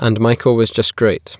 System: none